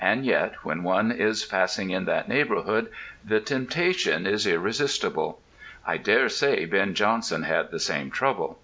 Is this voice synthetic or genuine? genuine